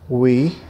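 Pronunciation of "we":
'We' is pronounced correctly here.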